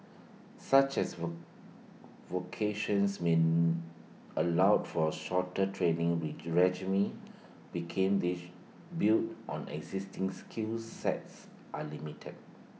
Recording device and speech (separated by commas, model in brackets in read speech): mobile phone (iPhone 6), read sentence